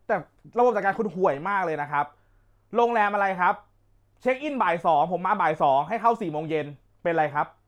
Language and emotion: Thai, angry